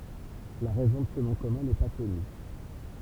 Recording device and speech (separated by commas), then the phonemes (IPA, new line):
temple vibration pickup, read sentence
la ʁɛzɔ̃ də sə nɔ̃ kɔmœ̃ nɛ pa kɔny